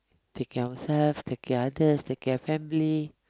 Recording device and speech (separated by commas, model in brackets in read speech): close-talking microphone, conversation in the same room